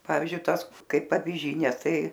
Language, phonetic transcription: Lithuanian, ˈpavyzdžiui ˈtąs ˈkaip aviˈžynė ˈtai

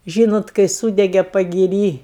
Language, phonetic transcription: Lithuanian, ˈžynot kai ˈsūdege pagiˈry

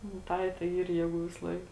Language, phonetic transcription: Lithuanian, nu ˈtai tai ˈyr ˈjėˌgų visˈlaik

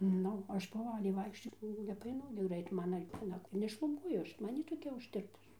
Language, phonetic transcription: Lithuanian, ˈnu ˈaš poˈvaliai ˈvaikščio nepaˈainu gi ˈgrait ˈmana vieˈna nešluˈbuoju ˈaš ˈman jy toˈkia užˈtirpus

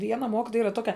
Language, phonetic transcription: Lithuanian, ˈviena ˈmokitoja ˈyra ˈtokia

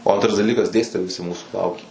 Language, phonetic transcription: Lithuanian, o ˈantras daˈlykas ˈdėstitojai viˈsi ˈmūsų ˈlaukė

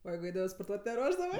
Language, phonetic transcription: Lithuanian, o ˈjeigu ˈeidavɜ sporˈtuot' neˈruošdavɜ

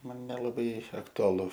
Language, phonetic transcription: Lithuanian, ˈman nelaˈbai aktuaˈlu

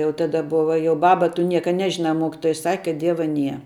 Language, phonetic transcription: Lithuanian, jau ˈtada ˈbuva jau ˈbaba tu ˈnieka ˈnežina ˈmokitoja sak' kad ˈdieva ˈnie

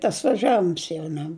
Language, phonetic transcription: Lithuanian, tas vaˈžiavims jau ˈne

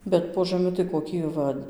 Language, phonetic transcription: Lithuanian, ˈbet po žaˈmi tai koˈki ˈva

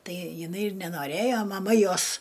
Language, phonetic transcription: Lithuanian, ˈtai jiˈnai ir nenoˈrėjo maˈma ˈjos

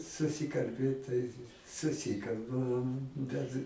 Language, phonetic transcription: Lithuanian, susikalˈbėt tai suˈsikalbam bet

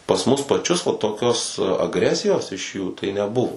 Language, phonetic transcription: Lithuanian, pas ˈmus paˈčius va toˈkios agˈresijos iš jų tai neˈbuvo

